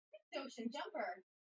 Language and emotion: English, happy